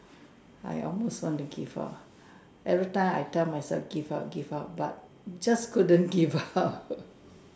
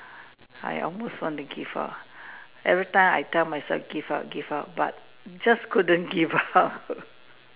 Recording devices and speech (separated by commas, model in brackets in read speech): standing microphone, telephone, conversation in separate rooms